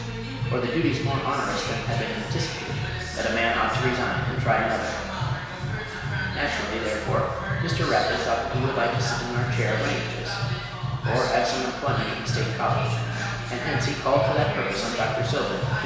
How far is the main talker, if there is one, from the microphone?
1.7 m.